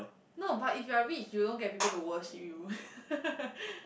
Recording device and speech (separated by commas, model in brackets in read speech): boundary microphone, conversation in the same room